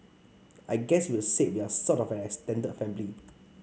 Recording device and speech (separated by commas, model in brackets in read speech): mobile phone (Samsung C5), read sentence